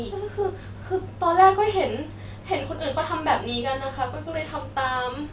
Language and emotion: Thai, sad